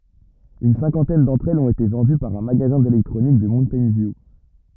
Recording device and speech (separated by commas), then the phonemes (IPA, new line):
rigid in-ear microphone, read sentence
yn sɛ̃kɑ̃tɛn dɑ̃tʁ ɛlz ɔ̃t ete vɑ̃dy paʁ œ̃ maɡazɛ̃ delɛktʁonik də muntɛjn vju